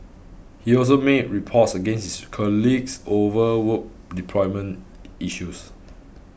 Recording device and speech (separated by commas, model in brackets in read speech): boundary microphone (BM630), read sentence